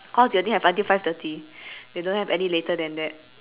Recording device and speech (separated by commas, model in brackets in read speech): telephone, conversation in separate rooms